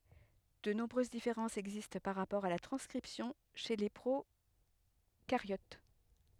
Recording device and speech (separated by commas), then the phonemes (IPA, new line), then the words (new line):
headset microphone, read sentence
də nɔ̃bʁøz difeʁɑ̃sz ɛɡzist paʁ ʁapɔʁ a la tʁɑ̃skʁipsjɔ̃ ʃe le pʁokaʁjot
De nombreuses différences existent par rapport à la transcription chez les procaryotes.